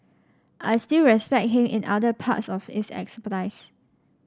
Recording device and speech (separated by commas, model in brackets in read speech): standing microphone (AKG C214), read sentence